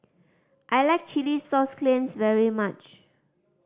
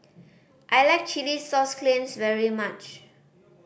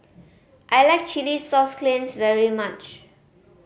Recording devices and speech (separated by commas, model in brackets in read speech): standing microphone (AKG C214), boundary microphone (BM630), mobile phone (Samsung C5010), read sentence